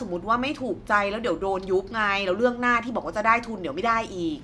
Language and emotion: Thai, frustrated